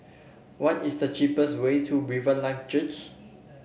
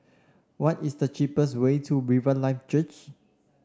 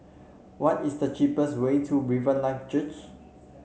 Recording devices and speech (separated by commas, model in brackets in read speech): boundary microphone (BM630), standing microphone (AKG C214), mobile phone (Samsung C7), read sentence